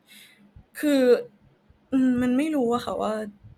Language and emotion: Thai, sad